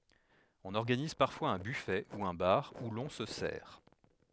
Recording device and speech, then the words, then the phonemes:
headset microphone, read sentence
On organise parfois un buffet, ou un bar, où l'on se sert.
ɔ̃n ɔʁɡaniz paʁfwaz œ̃ byfɛ u œ̃ baʁ u lɔ̃ sə sɛʁ

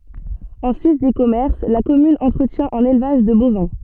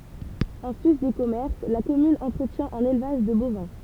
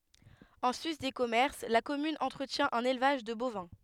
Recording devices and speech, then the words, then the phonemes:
soft in-ear microphone, temple vibration pickup, headset microphone, read sentence
En sus des commerces, la commune entretient un élevage de bovins.
ɑ̃ sys de kɔmɛʁs la kɔmyn ɑ̃tʁətjɛ̃ œ̃n elvaʒ də bovɛ̃

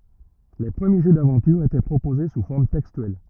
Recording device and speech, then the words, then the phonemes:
rigid in-ear microphone, read sentence
Les premiers jeux d'aventure étaient proposés sous forme textuelle.
le pʁəmje ʒø davɑ̃tyʁ etɛ pʁopoze su fɔʁm tɛkstyɛl

